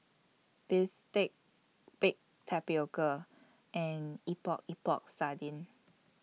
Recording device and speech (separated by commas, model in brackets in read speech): mobile phone (iPhone 6), read sentence